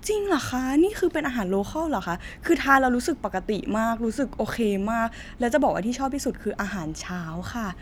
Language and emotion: Thai, happy